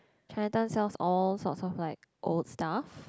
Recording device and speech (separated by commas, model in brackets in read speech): close-talking microphone, conversation in the same room